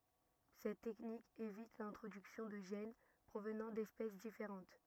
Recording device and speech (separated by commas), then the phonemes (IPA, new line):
rigid in-ear microphone, read sentence
sɛt tɛknik evit lɛ̃tʁodyksjɔ̃ də ʒɛn pʁovnɑ̃ dɛspɛs difeʁɑ̃t